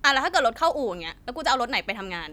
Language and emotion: Thai, frustrated